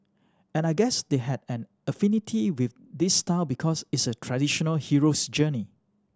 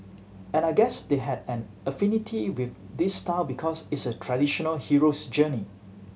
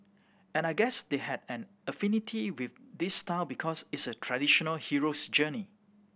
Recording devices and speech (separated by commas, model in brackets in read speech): standing microphone (AKG C214), mobile phone (Samsung C7100), boundary microphone (BM630), read sentence